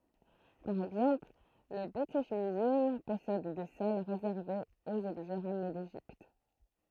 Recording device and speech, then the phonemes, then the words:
throat microphone, read sentence
paʁ ɛɡzɑ̃pl lə bʁitiʃ myzœm pɔsɛd de sal ʁezɛʁvez oz ɔbʒɛ ʁamne deʒipt
Par exemple, le British Museum possède des salles réservées aux objets ramenés d'Égypte.

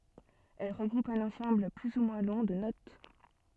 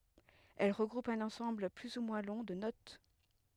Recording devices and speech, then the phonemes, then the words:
soft in-ear microphone, headset microphone, read sentence
ɛl ʁəɡʁupt œ̃n ɑ̃sɑ̃bl ply u mwɛ̃ lɔ̃ də not
Elles regroupent un ensemble plus ou moins long de notes.

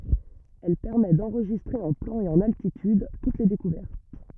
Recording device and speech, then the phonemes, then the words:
rigid in-ear microphone, read sentence
ɛl pɛʁmɛ dɑ̃ʁʒistʁe ɑ̃ plɑ̃ e ɑ̃n altityd tut le dekuvɛʁt
Elle permet d'enregistrer en plan et en altitude toutes les découvertes.

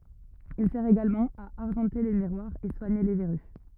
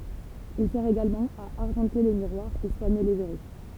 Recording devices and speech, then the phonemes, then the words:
rigid in-ear microphone, temple vibration pickup, read sentence
il sɛʁ eɡalmɑ̃ a aʁʒɑ̃te le miʁwaʁz e swaɲe le vɛʁy
Il sert également à argenter les miroirs, et soigner les verrues.

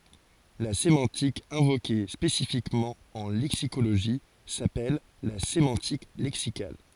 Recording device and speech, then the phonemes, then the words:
forehead accelerometer, read sentence
la semɑ̃tik ɛ̃voke spesifikmɑ̃ ɑ̃ lɛksikoloʒi sapɛl la semɑ̃tik lɛksikal
La sémantique invoquée spécifiquement en lexicologie s'appelle la sémantique lexicale.

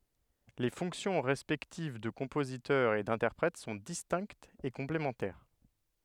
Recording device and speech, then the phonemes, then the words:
headset microphone, read sentence
le fɔ̃ksjɔ̃ ʁɛspɛktiv də kɔ̃pozitœʁ e dɛ̃tɛʁpʁɛt sɔ̃ distɛ̃ktz e kɔ̃plemɑ̃tɛʁ
Les fonctions respectives de compositeur et d'interprète sont distinctes et complémentaires.

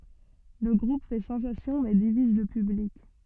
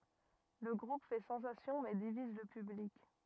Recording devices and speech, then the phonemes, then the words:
soft in-ear microphone, rigid in-ear microphone, read sentence
lə ɡʁup fɛ sɑ̃sasjɔ̃ mɛ diviz lə pyblik
Le groupe fait sensation mais divise le public.

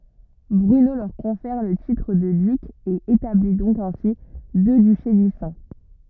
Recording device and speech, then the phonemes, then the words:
rigid in-ear microphone, read sentence
bʁyno lœʁ kɔ̃fɛʁ lə titʁ də dyk e etabli dɔ̃k ɛ̃si dø dyʃe distɛ̃
Bruno leur confère le titre de duc et établit donc ainsi deux duchés distincts.

